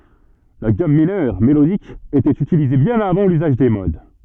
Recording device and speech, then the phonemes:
soft in-ear microphone, read sentence
la ɡam minœʁ melodik etɛt ytilize bjɛ̃n avɑ̃ lyzaʒ de mod

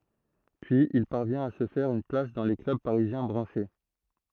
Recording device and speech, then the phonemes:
throat microphone, read sentence
pyiz il paʁvjɛ̃t a sə fɛʁ yn plas dɑ̃ le klœb paʁizjɛ̃ bʁɑ̃ʃe

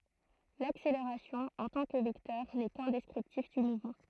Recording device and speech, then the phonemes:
throat microphone, read sentence
lakseleʁasjɔ̃ ɑ̃ tɑ̃ kə vɛktœʁ nɛ kœ̃ dɛskʁiptif dy muvmɑ̃

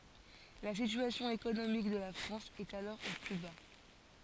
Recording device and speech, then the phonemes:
forehead accelerometer, read sentence
la sityasjɔ̃ ekonomik də la fʁɑ̃s ɛt alɔʁ o ply ba

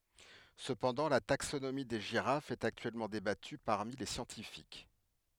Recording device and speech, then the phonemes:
headset microphone, read sentence
səpɑ̃dɑ̃ la taksonomi de ʒiʁafz ɛt aktyɛlmɑ̃ debaty paʁmi le sjɑ̃tifik

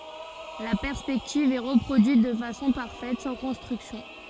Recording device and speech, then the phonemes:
forehead accelerometer, read sentence
la pɛʁspɛktiv ɛ ʁəpʁodyit də fasɔ̃ paʁfɛt sɑ̃ kɔ̃stʁyksjɔ̃

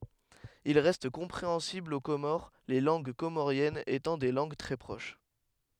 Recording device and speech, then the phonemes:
headset microphone, read sentence
il ʁɛst kɔ̃pʁeɑ̃sibl o komoʁ le lɑ̃ɡ komoʁjɛnz etɑ̃ de lɑ̃ɡ tʁɛ pʁoʃ

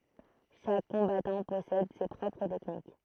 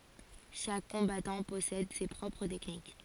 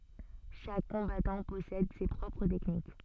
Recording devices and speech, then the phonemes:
throat microphone, forehead accelerometer, soft in-ear microphone, read sentence
ʃak kɔ̃batɑ̃ pɔsɛd se pʁɔpʁ tɛknik

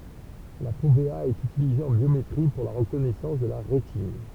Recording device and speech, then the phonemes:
temple vibration pickup, read sentence
la fovea ɛt ytilize ɑ̃ bjometʁi puʁ la ʁəkɔnɛsɑ̃s də la ʁetin

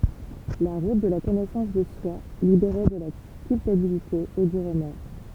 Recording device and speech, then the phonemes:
temple vibration pickup, read sentence
la ʁut də la kɔnɛsɑ̃s də swa libeʁe də la kylpabilite e dy ʁəmɔʁ

